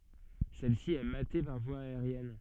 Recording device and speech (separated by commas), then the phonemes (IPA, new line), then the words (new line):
soft in-ear microphone, read sentence
sɛlsi ɛ mate paʁ vwa aeʁjɛn
Celle-ci est matée par voie aérienne.